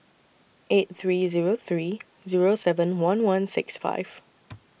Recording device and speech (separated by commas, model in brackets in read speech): boundary microphone (BM630), read sentence